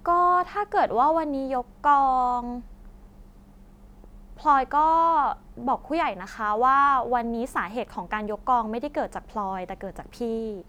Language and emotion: Thai, neutral